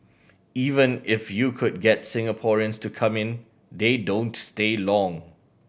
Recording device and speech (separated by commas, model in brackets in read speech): boundary microphone (BM630), read sentence